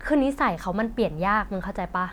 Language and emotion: Thai, frustrated